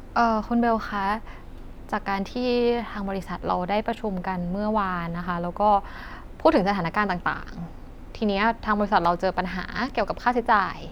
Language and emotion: Thai, frustrated